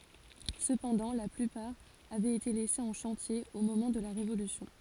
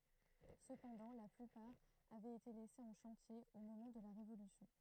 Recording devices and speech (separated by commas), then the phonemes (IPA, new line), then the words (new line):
forehead accelerometer, throat microphone, read sentence
səpɑ̃dɑ̃ la plypaʁ avɛt ete lɛsez ɑ̃ ʃɑ̃tje o momɑ̃ də la ʁevolysjɔ̃
Cependant la plupart avait été laissées en chantier au moment de la Révolution.